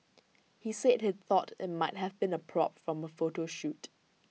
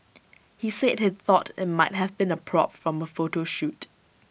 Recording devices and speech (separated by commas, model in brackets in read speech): mobile phone (iPhone 6), boundary microphone (BM630), read sentence